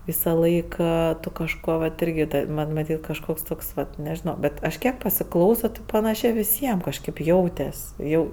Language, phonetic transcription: Lithuanian, visaˈlaik ˈė ˈtu kažˈko vat ˈirgi tai ˈman' maˈtyt' kažˈkoks ˈtoks vat nežiˈno ˈbet ˈaš ˈkiek pasiˈklauso ti paˈnašė viˈsiem kažˈkėp ˈjautes' ˈjau

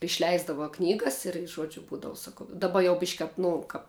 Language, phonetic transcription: Lithuanian, išˈleisdava ˈknygas ir ˈžuodžiu ˈbūdavu saˈkau daˈba jau bišk' kap ˈnu kap

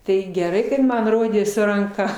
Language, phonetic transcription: Lithuanian, ˈtai geˈrai kad ˈman ˈrodė su ranˈka

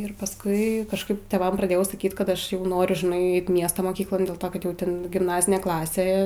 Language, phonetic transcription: Lithuanian, ir pasˈkui kažˈkaip tėˈvam praˈdėjau saˈkyt ˈkad ˈaš ˈjau ˈnoriu žiˈnai ˈeit ˈmiesto moˈkyklon dėl ˈto kad ˈjau ˈten gimˈnazinė ˈklasė

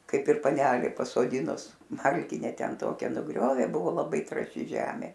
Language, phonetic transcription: Lithuanian, ˈkaip ir paˈnelė pasoˈdinus ˈmalkine ˈten ˈtokia nuˈgriovė ˈbuvo laˈbai trąˈši ˈžemė

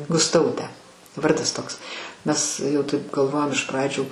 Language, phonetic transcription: Lithuanian, gusˈtautę ˈvardas ˈtoks ˈmes jau ˈtaip galˈvojom iš ˈpradžių

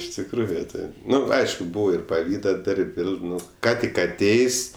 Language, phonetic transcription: Lithuanian, iš tikˈrųju ˈtaip ˈnu ˈaišku ˈbūvo ir paˈvyda ˈdar'b' ˈvėl ˈnu ˈką tik aˈtėjs'

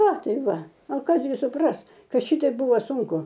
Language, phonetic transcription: Lithuanian, a ˈtai ˈva a ˈkas gi suˈpras ˈkad ˈšiteip ˈbūva ˈsūnku

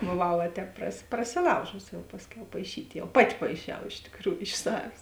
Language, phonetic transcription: Lithuanian, boˈvau va ˈtēp prasi prasiˈlaužusi ˈjau ˈpasˌkiau paiˈšyt' ˈjau ˈpaˌti paiˈšiau iš tikˈrųju iš ˈsavės

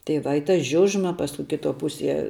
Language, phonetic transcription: Lithuanian, tai va i ta ˈžiužma ˈpasku kiˈto ˈpusie

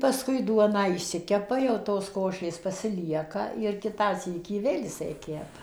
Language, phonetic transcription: Lithuanian, pasˈkui ˈduoną išˈsikepa jau ˈtos ˈkošės pasiˈlieka ir ˈkitą ˈsykį ˈvėl jiˈsai ˈkepa

